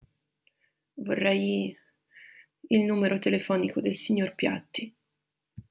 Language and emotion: Italian, sad